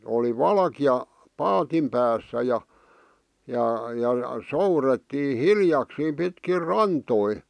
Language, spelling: Finnish, oli valkea paatin päässä ja ja ja soudettiin hiljakseen pitkin rantoja
- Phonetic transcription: oli "valki₍a , "paatim päässä ja , ja ja , 'sourettii "hiljaksiim 'pitkir "rantoi .

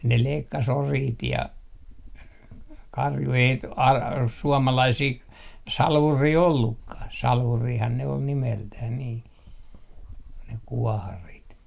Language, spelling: Finnish, ne leikkasi oriit ja karjun ei - suomalaisia - salvureita ollutkaan salvurihan ne oli nimeltään niin ne kuoharit
- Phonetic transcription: ne 'leikkas 'oriit ja , 'karju , ei t- , al- , 'suomalaisii ‿k- , "salvurii ollukkah , 'salvuurihan ne ol 'nimeltäh nii , ne 'kuɔharit .

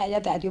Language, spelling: Finnish, ja täytyi
- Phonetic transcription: ja täyty ,.

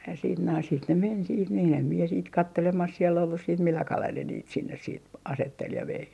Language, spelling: Finnish, ja sitten noin sitten ne meni sitten niin en minä sitten katselemassa siellä ollut sitten millä kalella ne niitä sinne sitten asetteli ja vei
- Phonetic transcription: ja siit noin sit ne 'men siit niin ‿em mie siit "kattelemas siel ‿ollus siit 'milla 'kalel ne niit sinnes siit , "asettel ja 'vei .

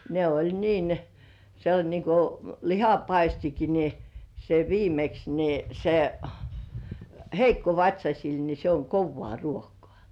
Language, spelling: Finnish, ne oli niin se oli niin kuin lihapaistikin niin se viimeksi niin se heikkovatsaisille niin se on kovaa ruokaa
- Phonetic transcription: ne oĺ niin , se oĺ niŋku , "lihapaistiki ni , se 'viimeks ni , se , "heikkovat́śasil ni se oŋ 'kovvŏà 'ruokᴏ̆ᴀ̀§ .

